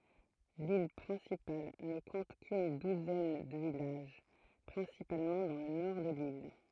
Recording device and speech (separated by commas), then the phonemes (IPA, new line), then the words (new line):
throat microphone, read sentence
lil pʁɛ̃sipal nə kɔ̃t kyn duzɛn də vilaʒ pʁɛ̃sipalmɑ̃ dɑ̃ lə nɔʁ də lil
L'île principale ne compte qu'une douzaine de villages, principalement dans le nord de l'île.